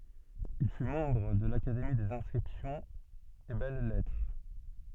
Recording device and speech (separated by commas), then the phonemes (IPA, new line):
soft in-ear microphone, read sentence
il fy mɑ̃bʁ də lakademi dez ɛ̃skʁipsjɔ̃z e bɛl lɛtʁ